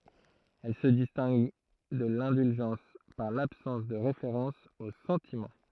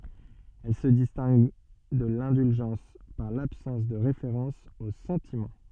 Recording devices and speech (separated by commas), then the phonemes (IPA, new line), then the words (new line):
throat microphone, soft in-ear microphone, read sentence
ɛl sə distɛ̃ɡ də lɛ̃dylʒɑ̃s paʁ labsɑ̃s də ʁefeʁɑ̃s o sɑ̃timɑ̃
Elle se distingue de l'indulgence par l'absence de référence aux sentiments.